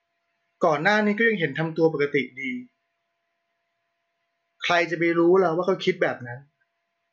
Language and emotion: Thai, neutral